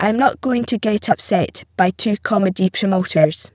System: VC, spectral filtering